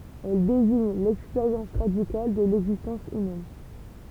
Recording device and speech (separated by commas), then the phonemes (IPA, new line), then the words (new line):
temple vibration pickup, read sentence
ɛl deziɲ lɛkspeʁjɑ̃s ʁadikal də lɛɡzistɑ̃s ymɛn
Elle désigne l’expérience radicale de l’existence humaine.